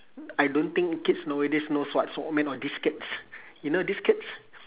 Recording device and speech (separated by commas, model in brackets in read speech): telephone, conversation in separate rooms